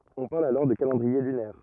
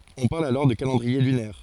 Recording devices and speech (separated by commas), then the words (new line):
rigid in-ear microphone, forehead accelerometer, read sentence
On parle alors de calendrier lunaire.